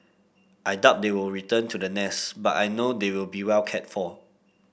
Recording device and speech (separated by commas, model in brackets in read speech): boundary microphone (BM630), read sentence